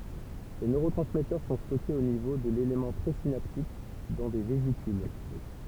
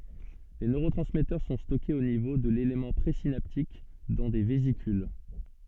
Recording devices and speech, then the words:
temple vibration pickup, soft in-ear microphone, read sentence
Les neurotransmetteurs sont stockés au niveau de l'élément présynaptique dans des vésicules.

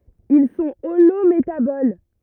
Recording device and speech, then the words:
rigid in-ear microphone, read sentence
Ils sont holométaboles.

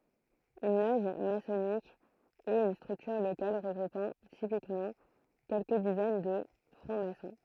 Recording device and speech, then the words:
throat microphone, read sentence
Une loge maçonnique est une structure locale regroupant typiquement quelques dizaines de francs-maçons.

